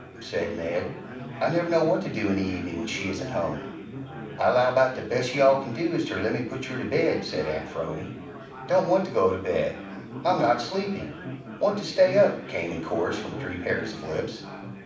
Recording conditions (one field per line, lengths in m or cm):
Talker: one person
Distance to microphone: 5.8 m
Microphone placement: far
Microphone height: 1.8 m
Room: medium-sized (5.7 m by 4.0 m)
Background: babble